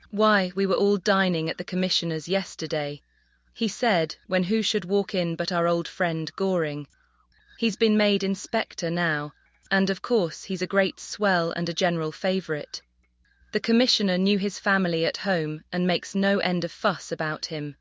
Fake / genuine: fake